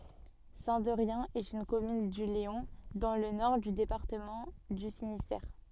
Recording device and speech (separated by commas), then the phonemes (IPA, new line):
soft in-ear microphone, read sentence
sɛ̃ dɛʁjɛ̃ ɛt yn kɔmyn dy leɔ̃ dɑ̃ lə nɔʁ dy depaʁtəmɑ̃ dy finistɛʁ